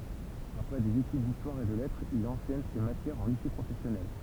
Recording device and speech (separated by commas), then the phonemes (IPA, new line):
temple vibration pickup, read sentence
apʁɛ dez etyd distwaʁ e də lɛtʁz il ɑ̃sɛɲ se matjɛʁz ɑ̃ lise pʁofɛsjɔnɛl